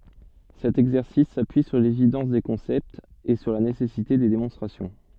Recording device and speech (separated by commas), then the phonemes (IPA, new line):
soft in-ear microphone, read sentence
sɛt ɛɡzɛʁsis sapyi syʁ levidɑ̃s de kɔ̃sɛptz e syʁ la nesɛsite de demɔ̃stʁasjɔ̃